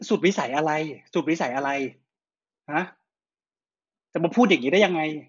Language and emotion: Thai, angry